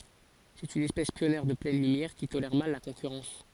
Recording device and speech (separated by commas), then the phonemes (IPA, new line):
forehead accelerometer, read sentence
sɛt yn ɛspɛs pjɔnjɛʁ də plɛn lymjɛʁ ki tolɛʁ mal la kɔ̃kyʁɑ̃s